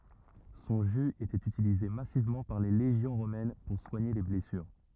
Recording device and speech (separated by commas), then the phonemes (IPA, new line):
rigid in-ear microphone, read sentence
sɔ̃ ʒy etɛt ytilize masivmɑ̃ paʁ le leʒjɔ̃ ʁomɛn puʁ swaɲe le blɛsyʁ